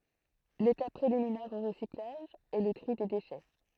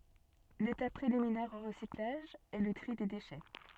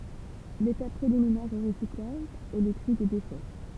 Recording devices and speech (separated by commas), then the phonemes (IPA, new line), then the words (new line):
throat microphone, soft in-ear microphone, temple vibration pickup, read sentence
letap pʁeliminɛʁ o ʁəsiklaʒ ɛ lə tʁi de deʃɛ
L'étape préliminaire au recyclage est le tri des déchets.